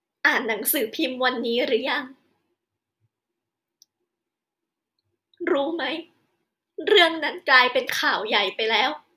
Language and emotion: Thai, sad